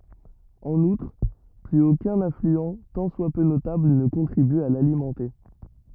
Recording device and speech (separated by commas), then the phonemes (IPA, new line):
rigid in-ear microphone, read sentence
ɑ̃n utʁ plyz okœ̃n aflyɑ̃ tɑ̃ swa pø notabl nə kɔ̃tʁiby a lalimɑ̃te